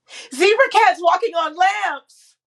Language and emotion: English, happy